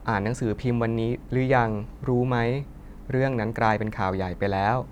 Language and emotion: Thai, neutral